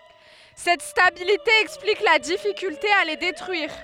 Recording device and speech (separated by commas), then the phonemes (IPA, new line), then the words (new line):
headset microphone, read sentence
sɛt stabilite ɛksplik la difikylte a le detʁyiʁ
Cette stabilité explique la difficulté à les détruire.